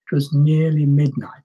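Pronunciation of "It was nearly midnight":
The phrase runs together as if it were one word. 'It was' is short, and the stressed syllables take more time.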